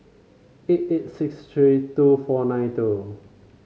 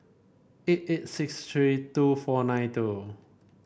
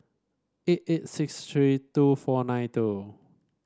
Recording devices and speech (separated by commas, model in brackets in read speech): mobile phone (Samsung C5), boundary microphone (BM630), standing microphone (AKG C214), read sentence